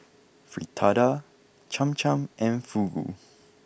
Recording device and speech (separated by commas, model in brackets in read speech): boundary microphone (BM630), read sentence